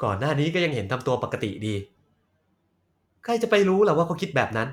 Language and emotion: Thai, frustrated